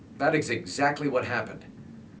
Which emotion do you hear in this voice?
disgusted